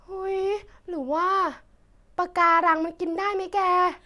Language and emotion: Thai, happy